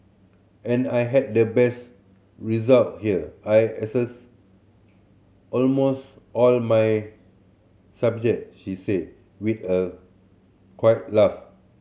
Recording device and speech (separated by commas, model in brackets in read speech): mobile phone (Samsung C7100), read sentence